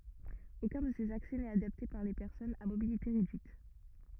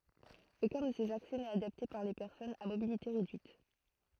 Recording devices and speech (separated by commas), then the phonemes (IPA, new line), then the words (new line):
rigid in-ear microphone, throat microphone, read sentence
okœ̃ də sez aksɛ nɛt adapte puʁ le pɛʁsɔnz a mobilite ʁedyit
Aucun de ces accès n'est adapté pour les personnes à mobilité réduite.